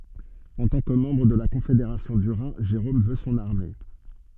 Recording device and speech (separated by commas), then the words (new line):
soft in-ear microphone, read sentence
En tant que membre de la Confédération du Rhin, Jérôme veut son armée.